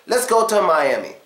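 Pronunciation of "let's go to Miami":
In 'let's go to Miami', the word 'to' is reduced to a schwa, which gives the sentence a more casual sound.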